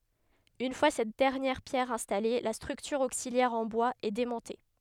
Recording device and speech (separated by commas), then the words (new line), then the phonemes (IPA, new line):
headset microphone, read sentence
Une fois cette dernière pierre installée, la structure auxiliaire en bois est démontée.
yn fwa sɛt dɛʁnjɛʁ pjɛʁ ɛ̃stale la stʁyktyʁ oksiljɛʁ ɑ̃ bwaz ɛ demɔ̃te